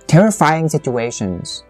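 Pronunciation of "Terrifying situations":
'Terrifying' is stressed: the intonation drops on it, and the word is dragged out.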